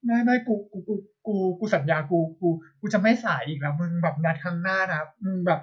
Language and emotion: Thai, sad